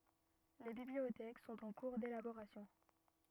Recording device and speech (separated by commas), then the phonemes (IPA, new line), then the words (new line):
rigid in-ear microphone, read sentence
le bibliotɛk sɔ̃t ɑ̃ kuʁ delaboʁasjɔ̃
Les bibliothèques sont en cours d'élaboration.